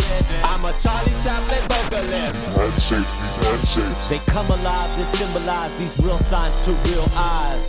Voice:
Deep voice